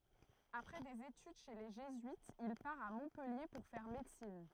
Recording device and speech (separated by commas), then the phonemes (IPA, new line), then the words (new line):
throat microphone, read sentence
apʁɛ dez etyd ʃe le ʒezyitz il paʁ a mɔ̃pɛlje puʁ fɛʁ medəsin
Après des études chez les jésuites, il part à Montpellier pour faire médecine.